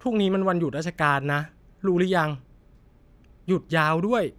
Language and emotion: Thai, frustrated